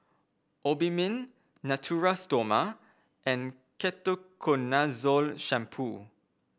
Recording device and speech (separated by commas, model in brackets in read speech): boundary microphone (BM630), read sentence